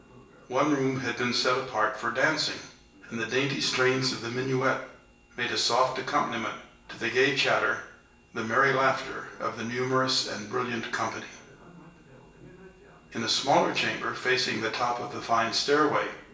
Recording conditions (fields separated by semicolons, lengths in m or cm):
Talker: one person; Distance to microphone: 1.8 m; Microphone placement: close; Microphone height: 1.0 m; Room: large; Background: television